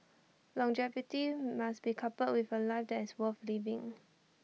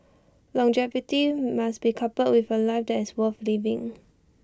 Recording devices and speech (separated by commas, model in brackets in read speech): mobile phone (iPhone 6), standing microphone (AKG C214), read sentence